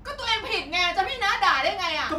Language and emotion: Thai, angry